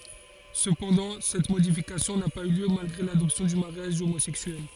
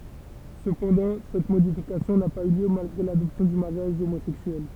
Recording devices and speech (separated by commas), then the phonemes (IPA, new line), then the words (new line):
forehead accelerometer, temple vibration pickup, read sentence
səpɑ̃dɑ̃ sɛt modifikasjɔ̃ na paz y ljø malɡʁe ladɔpsjɔ̃ dy maʁjaʒ omozɛksyɛl
Cependant, cette modification n'a pas eu lieu malgré l'adoption du mariage homosexuel.